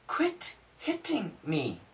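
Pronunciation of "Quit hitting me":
'Quit hitting me' is said with perfect pronunciation, and the t in 'hitting' is not said as the usual D sound.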